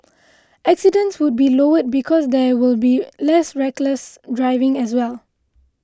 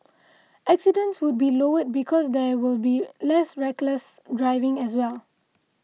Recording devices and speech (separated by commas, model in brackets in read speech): close-talking microphone (WH20), mobile phone (iPhone 6), read sentence